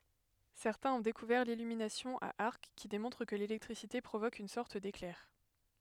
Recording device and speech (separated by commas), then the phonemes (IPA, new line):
headset microphone, read sentence
sɛʁtɛ̃z ɔ̃ dekuvɛʁ lilyminasjɔ̃ a aʁk ki demɔ̃tʁ kə lelɛktʁisite pʁovok yn sɔʁt deklɛʁ